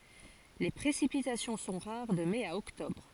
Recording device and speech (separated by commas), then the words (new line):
forehead accelerometer, read sentence
Les précipitations sont rares de mai à octobre.